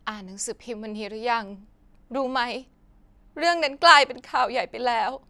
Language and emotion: Thai, sad